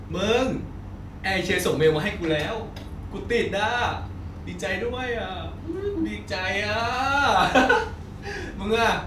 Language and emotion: Thai, happy